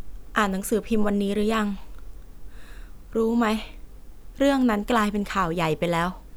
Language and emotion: Thai, frustrated